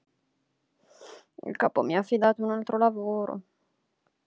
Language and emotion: Italian, sad